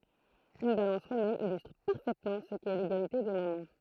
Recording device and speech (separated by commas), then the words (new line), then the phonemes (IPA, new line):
throat microphone, read sentence
Une balance romaine illustre parfaitement ce qu'est l'égalité des moments.
yn balɑ̃s ʁomɛn ilystʁ paʁfɛtmɑ̃ sə kɛ leɡalite de momɑ̃